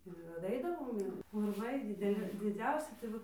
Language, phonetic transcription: Lithuanian, ir daˈaidavom ˈir urˈvai dideˈli diˈdziausi tai ˈva

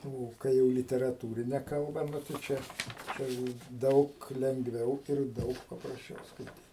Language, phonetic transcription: Lithuanian, ˈo kai ˈjau literaˈtūrine kalˈba ˈnu tai ˈčia ˈčia jau ˈdaug lengˈviau ir ˈdaug paprasˈčiau skaiˈtyt

